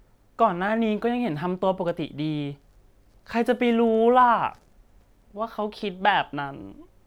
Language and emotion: Thai, sad